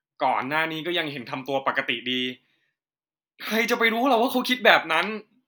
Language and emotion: Thai, frustrated